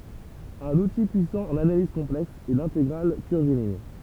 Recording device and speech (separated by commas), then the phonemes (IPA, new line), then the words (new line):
temple vibration pickup, read sentence
œ̃n uti pyisɑ̃ ɑ̃n analiz kɔ̃plɛks ɛ lɛ̃teɡʁal kyʁviliɲ
Un outil puissant en analyse complexe est l'intégrale curviligne.